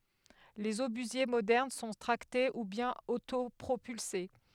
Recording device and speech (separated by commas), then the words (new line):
headset microphone, read sentence
Les obusiers modernes sont tractés ou bien autopropulsés.